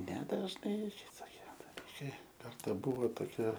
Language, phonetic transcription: Lithuanian, nedažˈnai tai toˈkie daˈlykai ˈkarta ˈbuvo toˈkia

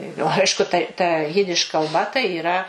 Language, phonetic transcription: Lithuanian, jau ˈaišku ta ta ˈjidiš kalˈba tai yˈra

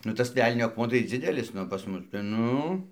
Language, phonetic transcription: Lithuanian, nu ˈtas ˈvelnio akˈmuo tai ˈdzidelis ˈnu pas ˈmus ten ˈnu

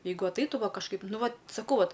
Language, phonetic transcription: Lithuanian, ˈjeigu atˈaitu ˈva kažˈkaip ˈnu ˈvat saˈkau ˈvat

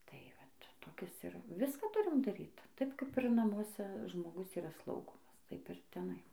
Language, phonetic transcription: Lithuanian, tai ˈvat toˈkis ˈir ˈviską ˈturim daˈryt ˈtaip ˈkaip ir namuoˈse žmoˈgus yˈraˈslaugomas ˈtaip ir teˈnai

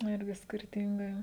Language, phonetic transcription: Lithuanian, nu ˈirgi skirˈtingai

